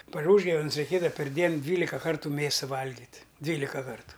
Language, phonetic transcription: Lithuanian, par ˈūžgavnes reiˈkėdava perˈdien ˈdvylika ˈkartu ˈmėsa ˈvalgit' ˈdvylika ˈkartu

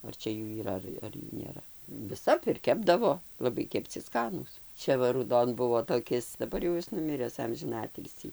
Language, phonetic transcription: Lithuanian, ar ˈčia ˈjų yˈra ˈar ar ˈjų nėˈra viˈsap ir ˈkepdavo laˈbai kepˈci ˈskanūs ˈčia va rūˈdon ˈbuvo toˈkis daˈbar jau ˈjis nuˈmires ˈamžina ˈatilsį

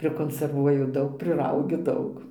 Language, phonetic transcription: Lithuanian, prikonserˈvuoju ˈdaug priˈraugiu ˈdaug

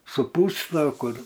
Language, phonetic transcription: Lithuanian, suˈpūsto ˈkur

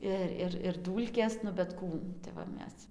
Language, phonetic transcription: Lithuanian, ˈir ˈir ir ˈdūlkės nu bet ˈkų tai va ˈmes

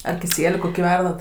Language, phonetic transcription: Lithuanian, ar kiˈsieliu ˈkoki ˈverdat

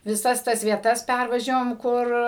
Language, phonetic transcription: Lithuanian, viˈsas ˈtas vieˈtas ˈpærvažiavom ˈkur

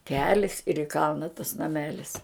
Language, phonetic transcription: Lithuanian, ˈkelis ir i ˈkalna tas naˈmelis

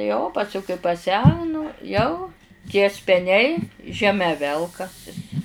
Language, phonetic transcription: Lithuanian, jo o paˈs'u kai paˈsenu ˈjau tie speˈniai žeˈme ˈvelkasis

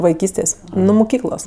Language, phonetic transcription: Lithuanian, vaiˈkystės' nu muˈkyklos

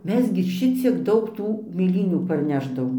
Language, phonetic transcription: Lithuanian, ˈmes gi ˈšiciek ˈdaug ˈtų mėˈlynių parˈnešdavom

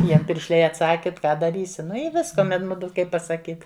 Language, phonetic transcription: Lithuanian, ˈjiem piršˈliai atˈsaki t ˈką daˈrysi ˈnu i ˈviska ˈmen ˈmudu ˈkaip pasaˈkyt

